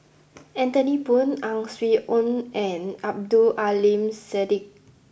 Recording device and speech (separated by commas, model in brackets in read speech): boundary microphone (BM630), read sentence